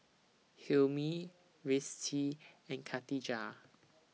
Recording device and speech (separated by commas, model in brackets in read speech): mobile phone (iPhone 6), read sentence